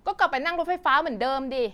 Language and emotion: Thai, angry